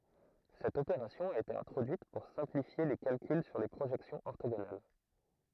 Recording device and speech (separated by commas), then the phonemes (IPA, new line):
throat microphone, read sentence
sɛt opeʁasjɔ̃ a ete ɛ̃tʁodyit puʁ sɛ̃plifje le kalkyl syʁ le pʁoʒɛksjɔ̃z ɔʁtoɡonal